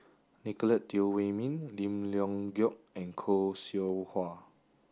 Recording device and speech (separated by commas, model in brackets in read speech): standing microphone (AKG C214), read sentence